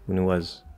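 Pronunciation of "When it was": In 'when he was', all three words are unstressed. The h of 'he' is dropped, so it links onto 'when', and the vowel of 'was' is swallowed.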